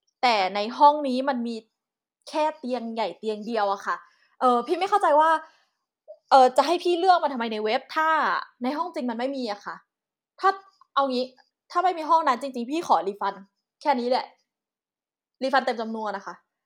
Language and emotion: Thai, angry